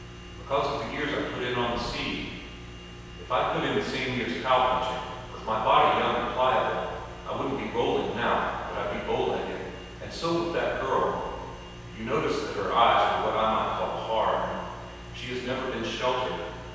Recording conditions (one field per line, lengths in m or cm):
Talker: one person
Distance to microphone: 7.1 m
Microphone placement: far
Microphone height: 1.7 m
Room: very reverberant, large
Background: none